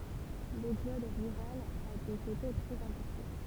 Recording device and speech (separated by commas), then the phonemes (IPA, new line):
temple vibration pickup, read sentence
lɛɡzɔd ʁyʁal a dɔ̃k ete tʁɛz ɛ̃pɔʁtɑ̃